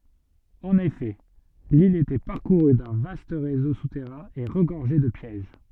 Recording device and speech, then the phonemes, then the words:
soft in-ear microphone, read sentence
ɑ̃n efɛ lil etɛ paʁkuʁy dœ̃ vast ʁezo sutɛʁɛ̃ e ʁəɡɔʁʒɛ də pjɛʒ
En effet, l'île était parcourue d'un vaste réseau souterrain et regorgeait de pièges.

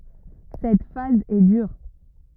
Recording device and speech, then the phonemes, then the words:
rigid in-ear microphone, read sentence
sɛt faz ɛ dyʁ
Cette phase est dure.

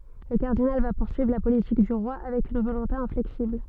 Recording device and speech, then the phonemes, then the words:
soft in-ear microphone, read sentence
lə kaʁdinal va puʁsyivʁ la politik dy ʁwa avɛk yn volɔ̃te ɛ̃flɛksibl
Le cardinal va poursuivre la politique du roi avec une volonté inflexible.

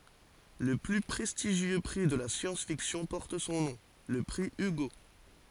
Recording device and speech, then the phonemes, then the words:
forehead accelerometer, read sentence
lə ply pʁɛstiʒjø pʁi də la sjɑ̃s fiksjɔ̃ pɔʁt sɔ̃ nɔ̃ lə pʁi yɡo
Le plus prestigieux prix de la science-fiction porte son nom, le prix Hugo.

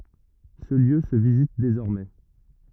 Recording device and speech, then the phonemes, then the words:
rigid in-ear microphone, read sentence
sə ljø sə vizit dezɔʁmɛ
Ce lieu se visite désormais.

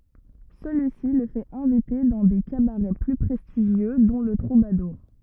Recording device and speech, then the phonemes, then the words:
rigid in-ear microphone, read sentence
səlyisi lə fɛt ɛ̃vite dɑ̃ de kabaʁɛ ply pʁɛstiʒjø dɔ̃ lə tʁubaduʁ
Celui-ci le fait inviter dans des cabarets plus prestigieux, dont le Troubadour.

